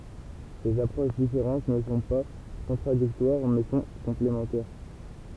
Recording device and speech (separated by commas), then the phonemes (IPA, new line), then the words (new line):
temple vibration pickup, read sentence
sez apʁoʃ difeʁɑ̃t nə sɔ̃ pa kɔ̃tʁadiktwaʁ mɛ sɔ̃ kɔ̃plemɑ̃tɛʁ
Ces approches différentes ne sont pas contradictoires, mais sont complémentaires.